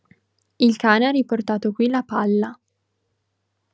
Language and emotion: Italian, neutral